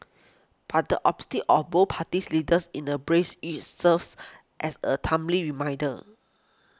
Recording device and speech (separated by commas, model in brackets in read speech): close-talking microphone (WH20), read sentence